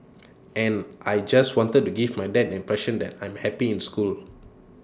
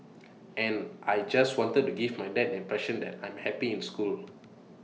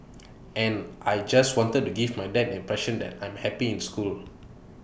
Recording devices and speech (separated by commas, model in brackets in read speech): standing microphone (AKG C214), mobile phone (iPhone 6), boundary microphone (BM630), read sentence